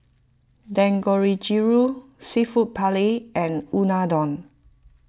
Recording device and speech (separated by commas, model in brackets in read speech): close-talking microphone (WH20), read sentence